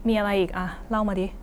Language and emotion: Thai, frustrated